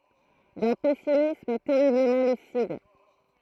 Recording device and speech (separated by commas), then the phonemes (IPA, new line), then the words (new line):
throat microphone, read sentence
dœ̃ pɛsimism tɛʁibləmɑ̃ lysid
D’un pessimisme terriblement lucide.